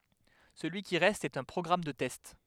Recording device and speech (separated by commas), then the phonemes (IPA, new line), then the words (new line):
headset microphone, read sentence
səlyi ki ʁɛst ɛt œ̃ pʁɔɡʁam də tɛst
Celui qui reste est un programme de test.